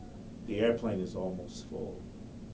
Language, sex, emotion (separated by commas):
English, male, neutral